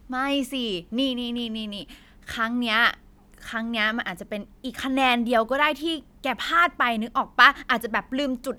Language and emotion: Thai, happy